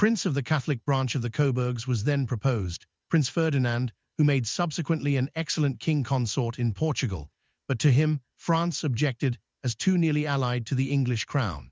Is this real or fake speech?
fake